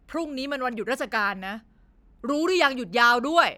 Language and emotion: Thai, angry